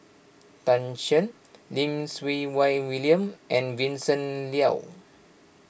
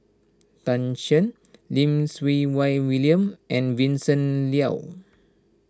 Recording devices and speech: boundary microphone (BM630), standing microphone (AKG C214), read sentence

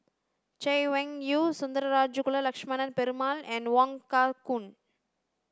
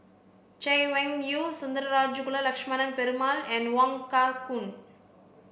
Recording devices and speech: standing microphone (AKG C214), boundary microphone (BM630), read sentence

